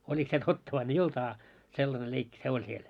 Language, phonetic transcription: Finnish, 'oĺik se 'totta vain ‿e i 'ol't ‿aa , 'sellane 'leikki se 'oĺ siel .
- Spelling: oliko se totta vai ei - ollut a sellainen leikki se oli siellä

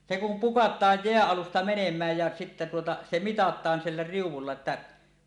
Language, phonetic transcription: Finnish, se kum "pukat̀aaj 'jeäˀ 'ˀalusta 'menem̀ääj jä sitte tuota , 'se "mitat̀aan sillä riuw̆wulla että .
- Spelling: se kun pukataan jään alusta menemään ja sitten tuota se mitataan sillä riu'ulla että

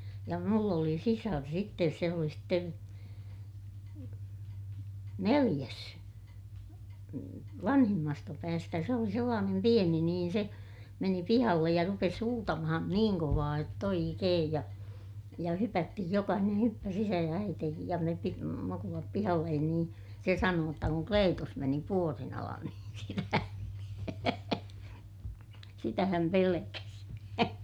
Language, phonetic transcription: Finnish, ja mull ‿oli sisar sittes se oli sten , neliʲäs , vanhimmasta päästä - se oli sellaanem pieni niin se , meni pihallej ja rupes huutamahan niiŋ kovaa jott ‿oikeej ja , ja hypättihij - jokahineè hyppäs ‿isä ja äiteekij ja me pi- , mukulap pihallen niin , se sanoo jotta kuŋ Kleetus meni puorin alan niin sitä (häm pe-) , sitä häm pelekäs .
- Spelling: ja minulla oli sisar sitten se oli sitten neljäs vanhimmasta päästä se oli sellainen pieni niin se meni pihalle ja rupesi huutamaan niin kovaa jotta oikein ja ja hypättiin jokainen hyppäsi isä ja äitikin ja me - mukulat pihalle niin se sanoi jotta kun Kleetus meni puodin alle niin sitä hän - sitä hän pelkäsi

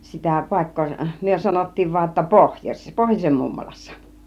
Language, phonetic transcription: Finnish, sitä 'pàik̀koo , 'myö sanottiiv (voa ‿tta) 'pohjoś- , "pohjosem 'mummolassa .
- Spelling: sitä paikkaa me sanottiin vain jotta - pohjoisen mummolassa

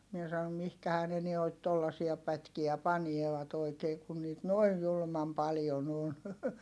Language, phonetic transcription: Finnish, mie sa₍om » mihkähää ne nuoit tollasia pätkiä panievat ‿oikee kun niit noij julᵘmam paljon ‿on .
- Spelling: minä sanoin mihinkähän ne noita tuollaisia pätkiä panevat oikein kun niitä noin julman paljon on

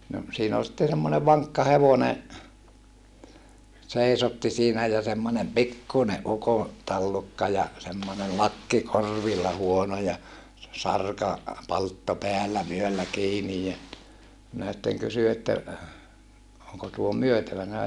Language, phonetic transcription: Finnish, no , siin ‿ol sitte semmone vaŋkka hevone , seisotti siinä ja semmońem pikkune ʼuko , tallukka ja , semmone lakki kor̀villa huono ja , se sarka- , -paltto peällä vyöllä kiinij ja , minä sitteŋ kysy että , » oŋko tuo myötävänä ?
- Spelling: no siinä oli sitten semmoinen vankka hevonen seisotti siinä ja semmoinen pikkuinen ukon tallukka ja semmoinen lakki korvilla huono ja se - sarkapalttoo päällä vyöllä kiinni ja minä sitten kysyin että onko tuo myytävänä

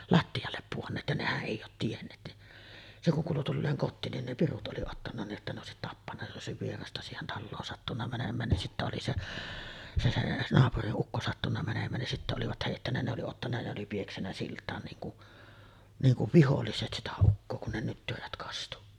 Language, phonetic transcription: Finnish, latti₍allep puonneet ja 'nehäˀ "ˀèi oot tienneet ni , se kuŋ kuulu tulleeŋ 'kottiin nin ne "pirut '’oli ottanna nii’ ’että ne òesit 'tappanna jos ’ei òesiv 'vierasta siihen 'talloon sattunna mänem̆mään nin sittä oli 'se’ , se se’ , 'naapuriˀ 'ˀukko sattunna mänem̀ään nin 'sittä olivat 'hèittännä ne oli 'ottanna ne oli 'pieksännä silt̀aan niiŋ ku’ , niiŋ kuv "viholliset sitä 'ukkoo kun ne 'nyttyrät kastu .
- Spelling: lattialle pudonneet ja nehän ei ole tienneet niin se kun kuului tulleen kotiin niin ne pirut oli ottanut niin että ne olisi tappanut jos ei olisi vierasta siihen taloon sattunut menemään niin sitten oli se se se naapurin ukko sattunut menemään niin sitten olivat heittänyt ne oli ottanut ne oli pieksänyt siltaan niin kuin niin kuin viholliset sitä ukkoa kun ne nyttyrät kastui

